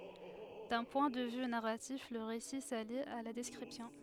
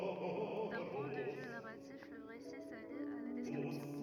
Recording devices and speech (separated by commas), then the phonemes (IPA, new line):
headset microphone, rigid in-ear microphone, read sentence
dœ̃ pwɛ̃ də vy naʁatif lə ʁesi sali a la dɛskʁipsjɔ̃